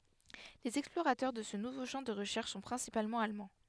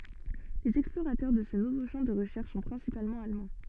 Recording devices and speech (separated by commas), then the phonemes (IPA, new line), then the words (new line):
headset microphone, soft in-ear microphone, read sentence
lez ɛksploʁatœʁ də sə nuvo ʃɑ̃ də ʁəʃɛʁʃ sɔ̃ pʁɛ̃sipalmɑ̃ almɑ̃
Les explorateurs de ce nouveau champ de recherches sont principalement allemands.